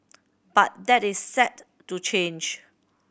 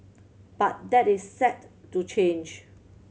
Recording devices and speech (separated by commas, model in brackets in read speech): boundary microphone (BM630), mobile phone (Samsung C7100), read sentence